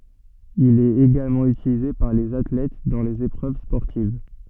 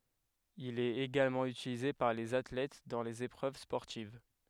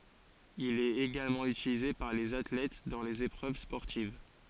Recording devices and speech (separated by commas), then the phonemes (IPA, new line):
soft in-ear microphone, headset microphone, forehead accelerometer, read sentence
il ɛt eɡalmɑ̃ ytilize paʁ lez atlɛt dɑ̃ lez epʁøv spɔʁtiv